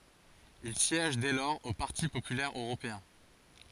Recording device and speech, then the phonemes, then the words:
forehead accelerometer, read sentence
il sjɛʒ dɛ lɔʁz o paʁti popylɛʁ øʁopeɛ̃
Il siège dès lors au Parti populaire européen.

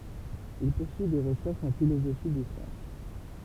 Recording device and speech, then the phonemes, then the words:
temple vibration pickup, read sentence
il puʁsyi de ʁəʃɛʁʃz ɑ̃ filozofi de sjɑ̃s
Il poursuit des recherches en philosophie des sciences.

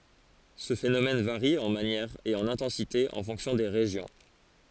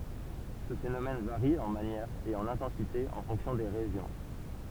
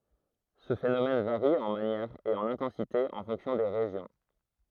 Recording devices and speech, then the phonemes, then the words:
forehead accelerometer, temple vibration pickup, throat microphone, read sentence
sə fenomɛn vaʁi ɑ̃ manjɛʁ e ɑ̃n ɛ̃tɑ̃site ɑ̃ fɔ̃ksjɔ̃ de ʁeʒjɔ̃
Ce phénomène varie en manière et en intensité en fonction des régions.

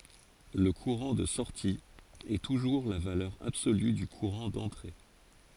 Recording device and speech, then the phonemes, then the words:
forehead accelerometer, read sentence
lə kuʁɑ̃ də sɔʁti ɛ tuʒuʁ la valœʁ absoly dy kuʁɑ̃ dɑ̃tʁe
Le courant de sortie est toujours la valeur absolue du courant d'entrée.

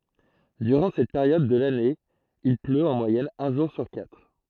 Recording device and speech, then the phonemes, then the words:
throat microphone, read sentence
dyʁɑ̃ sɛt peʁjɔd də lane il pløt ɑ̃ mwajɛn œ̃ ʒuʁ syʁ katʁ
Durant cette période de l'année il pleut en moyenne un jour sur quatre.

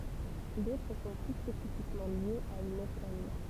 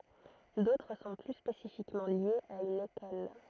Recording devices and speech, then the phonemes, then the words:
temple vibration pickup, throat microphone, read sentence
dotʁ sɔ̃ ply spesifikmɑ̃ ljez a yn ekɔl
D'autres sont plus spécifiquement liés à une école.

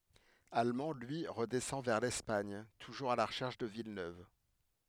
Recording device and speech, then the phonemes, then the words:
headset microphone, read sentence
almɑ̃ lyi ʁədɛsɑ̃ vɛʁ lɛspaɲ tuʒuʁz a la ʁəʃɛʁʃ də vilnøv
Allemand, lui, redescend vers l'Espagne, toujours à la recherche de Villeneuve.

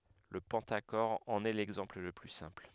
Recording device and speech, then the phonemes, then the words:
headset microphone, read sentence
lə pɑ̃taʃɔʁ ɑ̃n ɛ lɛɡzɑ̃pl lə ply sɛ̃pl
Le pentachore en est l'exemple le plus simple.

